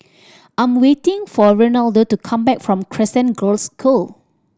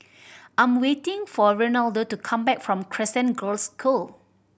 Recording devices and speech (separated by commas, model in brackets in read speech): standing microphone (AKG C214), boundary microphone (BM630), read sentence